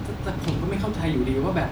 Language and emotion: Thai, frustrated